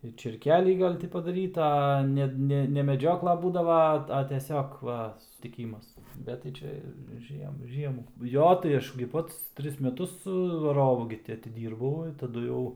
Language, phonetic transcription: Lithuanian, ir čėrˈkelį ˈgal' ˈti padaˈryta a ˈne ˈne ne meˈdžiokla ˈbūdava ˈa a teˈsiog ˈva sustiˈkymas ˈbet tai ˈčia ˈžiem ˈžiemų ˈjo tai ˈaš gi ˈpats ˈtris meˈtus vaˈrovu gi ˈti atiˈdyrbau i taˈdu jau

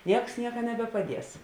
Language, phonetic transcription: Lithuanian, ˈnieks ˈnieka nebepaˈdies

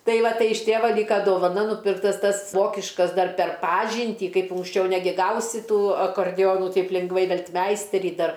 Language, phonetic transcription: Lithuanian, ˈtai ˈva ˈtai iš ˈtėva ˈlyka dovaˈna nūˈpirktas ˈtas ˈvokiškas ˈdar per ˈpažyntį ˈkaip unksˈčiau ˈnegi ˈgausi ˈtų akarˈdionu ˈtaip lingˈvai ˈvel't'ˈmeisterį ˈdar

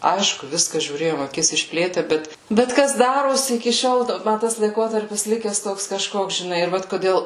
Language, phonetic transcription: Lithuanian, ˈaišku ˈviską žiūˈrėjom aˈkis išˈplėtę ˈbet bet ˈkas ˈdarosi iki ˈšiol ˈma ˈtas laiˈkotarpis ˈlikes ˈtoks kaˈžkoks žiˈnai ir ˈvat koˈdėl

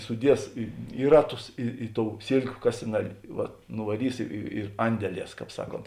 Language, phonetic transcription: Lithuanian, suˈdies i ˈi raˌtus i i tou ˈsėlkiu ˈkasinaˌlė ˈvat nuvaˈrys i i ir ˈandeˌlies ˈkāp ˈsaˌkont

